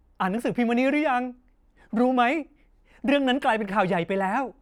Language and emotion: Thai, happy